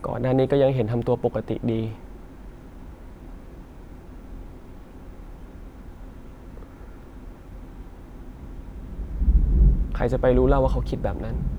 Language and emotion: Thai, sad